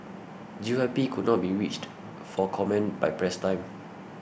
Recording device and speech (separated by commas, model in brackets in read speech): boundary microphone (BM630), read sentence